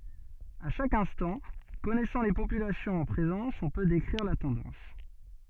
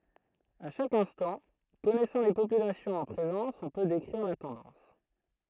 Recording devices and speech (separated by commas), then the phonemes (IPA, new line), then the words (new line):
soft in-ear microphone, throat microphone, read sentence
a ʃak ɛ̃stɑ̃ kɔnɛsɑ̃ le popylasjɔ̃z ɑ̃ pʁezɑ̃s ɔ̃ pø dekʁiʁ la tɑ̃dɑ̃s
À chaque instant, connaissant les populations en présence, on peut décrire la tendance.